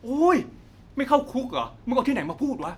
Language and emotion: Thai, angry